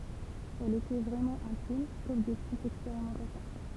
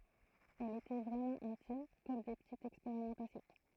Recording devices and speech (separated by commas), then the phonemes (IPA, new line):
temple vibration pickup, throat microphone, read sentence
ɛlz etɛ vʁɛmɑ̃ ɛ̃tim kɔm de pətitz ɛkspeʁimɑ̃tasjɔ̃